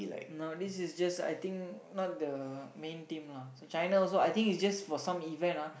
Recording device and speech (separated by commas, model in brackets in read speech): boundary microphone, conversation in the same room